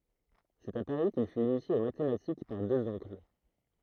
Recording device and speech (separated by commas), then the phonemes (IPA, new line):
throat microphone, read sentence
sɛt a paʁi kil fyt inisje o matematik paʁ døz ɔ̃kl